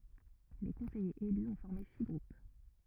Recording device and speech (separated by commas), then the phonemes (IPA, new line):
rigid in-ear microphone, read sentence
le kɔ̃sɛjez ely ɔ̃ fɔʁme si ɡʁup